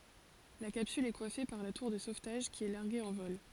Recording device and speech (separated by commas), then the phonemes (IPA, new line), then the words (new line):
forehead accelerometer, read sentence
la kapsyl ɛ kwafe paʁ la tuʁ də sovtaʒ ki ɛ laʁɡe ɑ̃ vɔl
La capsule est coiffée par la tour de sauvetage qui est larguée en vol.